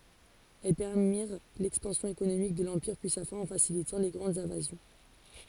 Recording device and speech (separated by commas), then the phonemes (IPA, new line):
forehead accelerometer, read sentence
ɛl pɛʁmiʁ lɛkspɑ̃sjɔ̃ ekonomik də lɑ̃piʁ pyi sa fɛ̃ ɑ̃ fasilitɑ̃ le ɡʁɑ̃dz ɛ̃vazjɔ̃